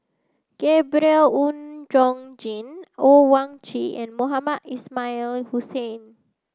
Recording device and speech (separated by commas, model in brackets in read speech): close-talking microphone (WH30), read sentence